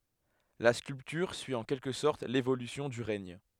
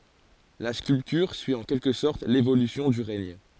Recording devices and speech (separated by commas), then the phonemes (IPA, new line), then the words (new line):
headset microphone, forehead accelerometer, read sentence
la skyltyʁ syi ɑ̃ kɛlkə sɔʁt levolysjɔ̃ dy ʁɛɲ
La sculpture suit en quelque sorte l'évolution du règne.